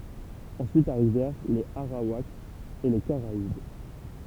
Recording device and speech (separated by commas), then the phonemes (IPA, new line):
temple vibration pickup, read sentence
ɑ̃syit aʁivɛʁ lez aʁawakz e le kaʁaib